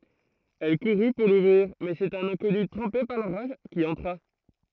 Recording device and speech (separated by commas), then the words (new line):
throat microphone, read sentence
Elle courut pour l'ouvrir mais un c'est un inconnu trempé par l'orage qui entra.